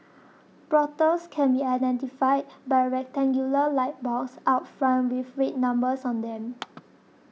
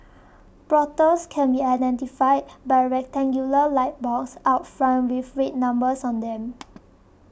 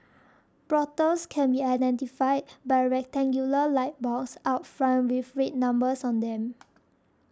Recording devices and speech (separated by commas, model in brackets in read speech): mobile phone (iPhone 6), boundary microphone (BM630), standing microphone (AKG C214), read sentence